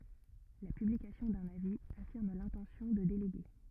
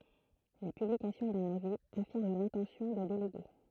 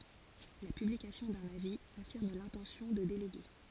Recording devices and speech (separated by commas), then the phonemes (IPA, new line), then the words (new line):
rigid in-ear microphone, throat microphone, forehead accelerometer, read sentence
la pyblikasjɔ̃ dœ̃n avi afiʁm lɛ̃tɑ̃sjɔ̃ də deleɡe
La publication d'un avis affirme l’intention de déléguer.